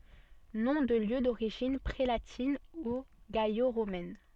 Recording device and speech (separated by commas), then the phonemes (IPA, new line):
soft in-ear microphone, read sentence
nɔ̃ də ljø doʁiʒin pʁelatin u ɡalo ʁomɛn